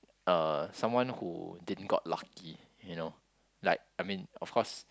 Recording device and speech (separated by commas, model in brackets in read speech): close-talking microphone, conversation in the same room